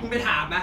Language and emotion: Thai, angry